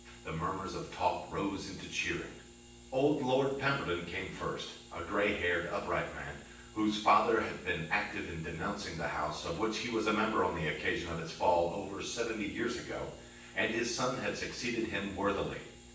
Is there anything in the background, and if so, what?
Nothing.